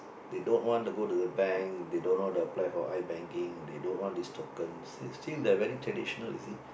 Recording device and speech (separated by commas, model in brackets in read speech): boundary microphone, conversation in the same room